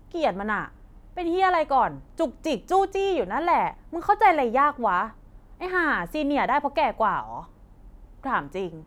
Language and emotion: Thai, angry